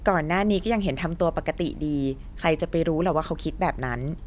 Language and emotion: Thai, neutral